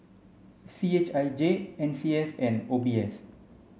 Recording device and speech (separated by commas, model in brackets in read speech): mobile phone (Samsung C5), read sentence